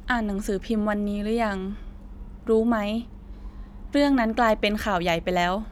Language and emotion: Thai, neutral